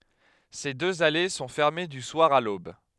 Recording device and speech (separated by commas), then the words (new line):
headset microphone, read sentence
Ces deux allées sont fermées du soir à l'aube.